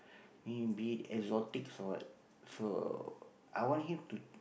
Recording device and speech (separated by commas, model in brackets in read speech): boundary microphone, conversation in the same room